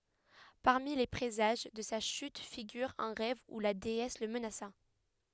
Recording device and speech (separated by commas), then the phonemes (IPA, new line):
headset microphone, read sentence
paʁmi le pʁezaʒ də sa ʃyt fiɡyʁ œ̃ ʁɛv u la deɛs lə mənasa